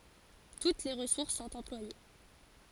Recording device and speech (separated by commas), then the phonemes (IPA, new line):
forehead accelerometer, read sentence
tut le ʁəsuʁs sɔ̃t ɑ̃plwaje